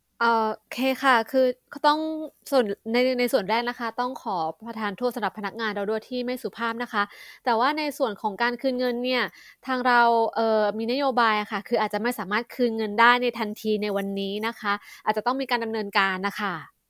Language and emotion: Thai, neutral